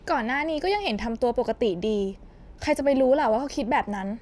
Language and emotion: Thai, frustrated